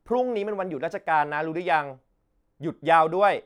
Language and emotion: Thai, frustrated